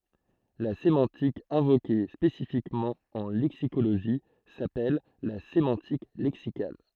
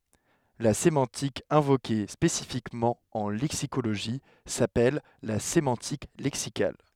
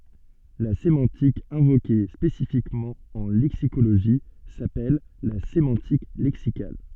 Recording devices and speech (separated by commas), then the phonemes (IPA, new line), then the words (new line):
throat microphone, headset microphone, soft in-ear microphone, read sentence
la semɑ̃tik ɛ̃voke spesifikmɑ̃ ɑ̃ lɛksikoloʒi sapɛl la semɑ̃tik lɛksikal
La sémantique invoquée spécifiquement en lexicologie s'appelle la sémantique lexicale.